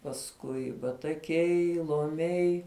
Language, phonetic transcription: Lithuanian, pasˈkui bataˈkiai loˈmiai

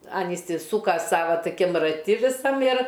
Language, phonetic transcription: Lithuanian, ˈan isiˈsūka ˈsava toˈkim raˈti viˈsam ir

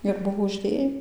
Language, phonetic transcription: Lithuanian, ir ˈbuvo užˈdė

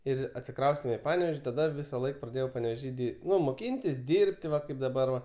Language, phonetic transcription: Lithuanian, ˈir atsiˈkraustėm i ˈpanevėž' taˈda ˈvisaˌlaik praˈdėjau panevėˈžy di ˈnu moˈkyntis ˈdyrb't' ˈva ˈkaip daˈbar va

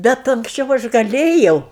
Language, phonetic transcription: Lithuanian, ˈbet anksˈčiau ˈaš gaˈlėjau

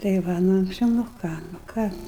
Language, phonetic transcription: Lithuanian, tai ˈva nu anksˈčiau nu ˈką nu ˈką

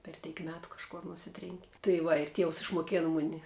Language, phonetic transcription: Lithuanian, per ˈteik ˈmetu kažˈkor nuˈsitrėnki tai ˈva ir ˈtievs išmoˈkėna ˈmuni

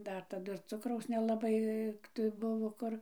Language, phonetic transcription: Lithuanian, ˈdar taˈdu ir ˈcukraus nelaˈbai tai ˈbuvo ˈkur

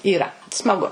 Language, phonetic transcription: Lithuanian, yˈra smaˈgu

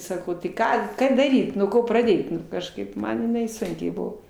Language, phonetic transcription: Lithuanian, ˈsakau tai ˈką ˈką daˈryt nuo ˈko praˈdėt ˈnu kažˈkaip ˈman jiˈnai ˈsunkiai ˈbuvo

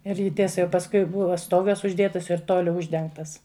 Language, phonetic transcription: Lithuanian, ir ˈji ˈtiesa jau pasˈkui ˈbuva ˈstogas užˈdėtas ir ˈtoliu ˈuždengtas

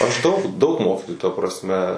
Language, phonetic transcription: Lithuanian, aš ˈdaug daug ˈmokytojų ta prasˈme

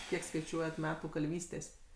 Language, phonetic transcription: Lithuanian, ˈkiek skaiˈčiuojat ˈmetų kalˈvystės'

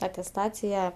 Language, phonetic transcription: Lithuanian, atesˈtacija

